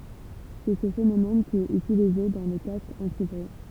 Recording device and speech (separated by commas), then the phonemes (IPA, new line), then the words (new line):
temple vibration pickup, read sentence
sɛ sə fenomɛn ki ɛt ytilize dɑ̃ le kaskz ɑ̃tibʁyi
C'est ce phénomène qui est utilisé dans les casques anti-bruit.